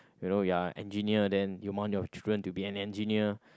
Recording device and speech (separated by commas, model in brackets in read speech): close-talking microphone, conversation in the same room